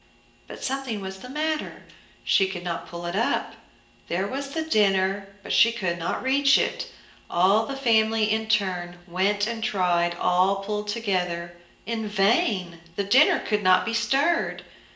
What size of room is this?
A big room.